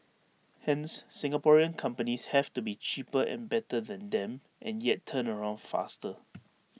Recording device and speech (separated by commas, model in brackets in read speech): mobile phone (iPhone 6), read sentence